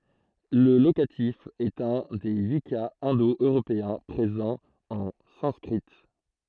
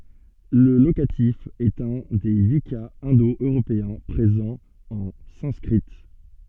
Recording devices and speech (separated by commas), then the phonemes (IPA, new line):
throat microphone, soft in-ear microphone, read sentence
lə lokatif ɛt œ̃ de yi kaz ɛ̃do øʁopeɛ̃ pʁezɑ̃ ɑ̃ sɑ̃skʁi